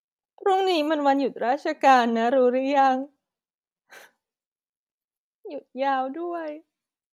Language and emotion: Thai, sad